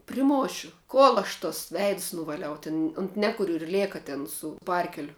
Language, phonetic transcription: Lithuanian, priˈmošiu ˈkol aš tos ˈveids nuvaˈliau tin unt ˈnekuriu ir ˈlėka ˈten su ˈparkeliu

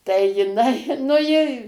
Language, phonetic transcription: Lithuanian, tai jiˈnai nu ˈji

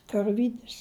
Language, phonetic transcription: Lithuanian, karˈvydis

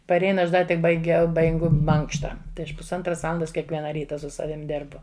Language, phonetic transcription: Lithuanian, paˈrein ˈaš ˈda tik baiˈgiau baiˈgu ˈmankšta tai ˈaš pusˈantras ˈvalandas kiekˈviena ˈryta su ˈsavim ˈdėrbu

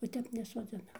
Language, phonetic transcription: Lithuanian, o ˈtep nesoˈdzinam

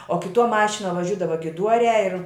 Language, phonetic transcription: Lithuanian, o kiˈtuo ˈmašinuo vaˈžiudava giˈduoriā ir

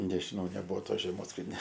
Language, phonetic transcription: Lithuanian, nežiˈnau neˈbuvo ˈtos žeˈmos kad ne

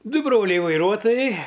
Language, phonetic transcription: Lithuanian, ˈdu ˈbroliai vaiˈruotojai

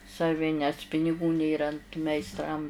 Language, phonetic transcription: Lithuanian, saˈvi nes piniˈgų ˈnėra ant meisˈtram

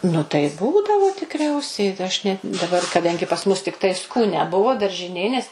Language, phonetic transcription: Lithuanian, nu tai ˈbūdavo tikˈriausiai aš net daˈbar kaˈdangi pas ˈmus tikˈtai skūˈnia ˈbuvo daržiˈnė nes

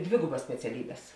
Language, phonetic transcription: Lithuanian, ˈdvėgubas speciaˈlybes

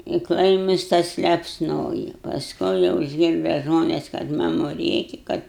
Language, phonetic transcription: Lithuanian, i ˈklaimus ˈtas lepsˈnoji pasˈkui jau išˈgirda ˈžmones kad ˈmamu ˈrėki ˈkad

